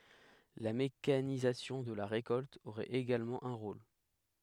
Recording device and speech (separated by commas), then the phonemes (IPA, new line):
headset microphone, read sentence
la mekanizasjɔ̃ də la ʁekɔlt oʁɛt eɡalmɑ̃ œ̃ ʁol